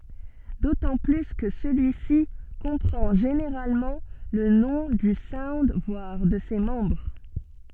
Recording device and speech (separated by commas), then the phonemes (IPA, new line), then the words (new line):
soft in-ear microphone, read sentence
dotɑ̃ ply kə səlyisi kɔ̃pʁɑ̃ ʒeneʁalmɑ̃ lə nɔ̃ dy saund vwaʁ də se mɑ̃bʁ
D'autant plus que celui-ci comprend généralement le nom du sound voire de ses membres.